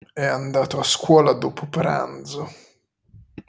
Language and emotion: Italian, disgusted